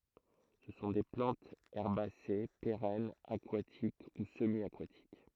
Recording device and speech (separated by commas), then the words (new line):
throat microphone, read sentence
Ce sont des plantes herbacées, pérennes, aquatiques ou semi-aquatiques.